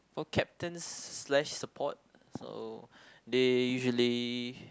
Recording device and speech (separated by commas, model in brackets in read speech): close-talking microphone, conversation in the same room